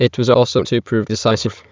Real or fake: fake